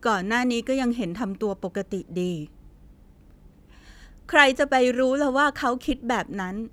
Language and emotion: Thai, frustrated